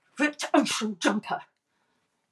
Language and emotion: English, angry